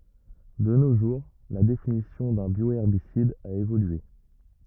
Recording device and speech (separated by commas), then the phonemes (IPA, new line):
rigid in-ear microphone, read sentence
də no ʒuʁ la definisjɔ̃ dœ̃ bjoɛʁbisid a evolye